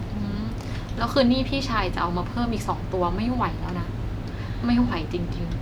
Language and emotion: Thai, frustrated